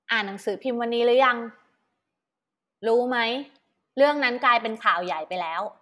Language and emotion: Thai, neutral